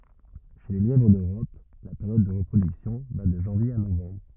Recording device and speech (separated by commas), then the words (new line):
rigid in-ear microphone, read sentence
Chez le lièvre d'Europe, la période de reproduction va de janvier à novembre.